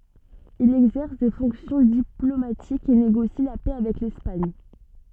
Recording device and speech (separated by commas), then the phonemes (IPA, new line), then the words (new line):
soft in-ear microphone, read sentence
il ɛɡzɛʁs de fɔ̃ksjɔ̃ diplomatikz e neɡosi la pɛ avɛk lɛspaɲ
Il exerce des fonctions diplomatiques et négocie la paix avec l'Espagne.